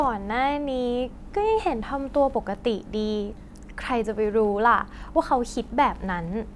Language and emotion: Thai, happy